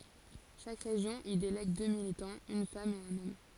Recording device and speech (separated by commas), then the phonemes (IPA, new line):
forehead accelerometer, read sentence
ʃak ʁeʒjɔ̃ i delɛɡ dø militɑ̃z yn fam e œ̃n ɔm